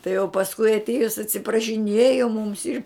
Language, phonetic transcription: Lithuanian, tai o pasˈkui atˈiejus atsiprašiˈnėjo mums ir

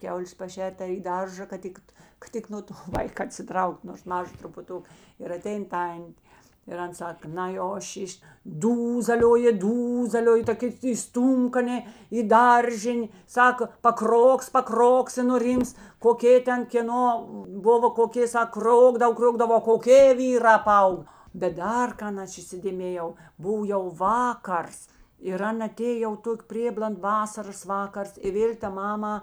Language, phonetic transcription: Lithuanian, ˈkiaulės paˈšer't' ar į ˈdaržą kad ˈtikt kad ˈtik no to ˈvaik atsiˈtraukt nors ˈmaža trupuˈtuka ir aˈtein ˈtan't' ir ˈan ˈsaka ˈnai o ˈšyš' ˈdūzalioji ˈdūzalioji ta ˈkėt įˈstūmk aˈnė į ˈdaržin' ˈsaka paˈkroks paˈkroks i nuˈryms koˈkė ˈten kėˈno ˈbuvo koˈkė ˈsak ˈkrokdav ˈkriogdav o koˈkė ˈvyrā ˈpaaug bet ˈdar ˈkan ˈaš įsidėˈmėjau ˈbuv jau ˈvakars ir ˈan aˈtėj jau ˈtok' ˈprėbland ˈvasaras ˈvakars i ˈvėl' ta ˈmama

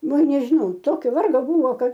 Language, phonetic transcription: Lithuanian, ˈva nežiˈnau ˈtokio ˈvargo ˈbuvo ˈkad

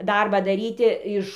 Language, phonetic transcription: Lithuanian, ˈdarbą daˈryti iš

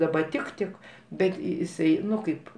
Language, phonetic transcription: Lithuanian, daˈba ˈtik ˈtik ˈbet jiˈsai ˈnu ˈkaip

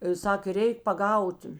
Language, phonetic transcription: Lithuanian, ˈsakė ˈreik paˈgaut

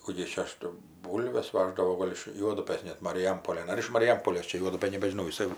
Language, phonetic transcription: Lithuanian, ˈkų gi jis čia ˈaš tai ˈbūlves ˈvaždavo ˈgol' iš ˈjuodupɘs net mariˈjampolėn ˈar iš mariˈjampolės ˈčia ˈjuodupɘn nebežiˈnau jiˈsai

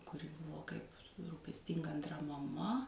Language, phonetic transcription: Lithuanian, kuˈri ˈbuvo ˈkaip rūpesˈtinga anˈtra maˈma

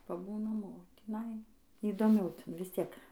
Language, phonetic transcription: Lithuanian, paˈbūnam o tįˈnai įdoˈmiau ˈtin visˈtiek

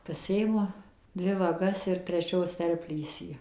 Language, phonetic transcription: Lithuanian, paˈsiimu ˈdvi vaˈgas ir treˈčios ˈterplysį

